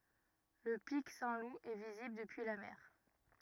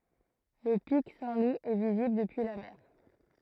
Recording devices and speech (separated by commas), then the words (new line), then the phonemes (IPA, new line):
rigid in-ear microphone, throat microphone, read sentence
Le pic Saint-Loup est visible depuis la mer.
lə pik sɛ̃tlup ɛ vizibl dəpyi la mɛʁ